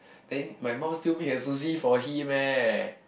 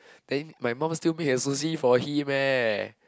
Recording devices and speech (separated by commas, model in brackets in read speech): boundary microphone, close-talking microphone, conversation in the same room